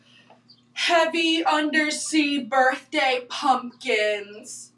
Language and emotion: English, sad